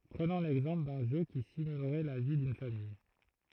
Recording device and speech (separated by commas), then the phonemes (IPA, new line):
throat microphone, read sentence
pʁənɔ̃ lɛɡzɑ̃pl dœ̃ ʒø ki simylʁɛ la vi dyn famij